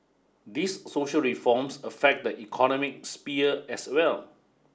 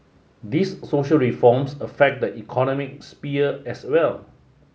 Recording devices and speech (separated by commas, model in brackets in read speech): standing microphone (AKG C214), mobile phone (Samsung S8), read sentence